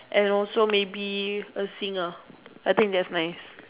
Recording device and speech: telephone, conversation in separate rooms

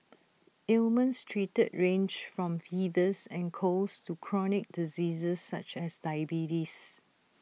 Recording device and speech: mobile phone (iPhone 6), read sentence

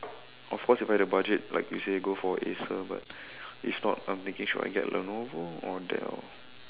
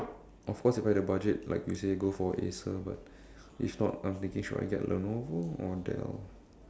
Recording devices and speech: telephone, standing microphone, conversation in separate rooms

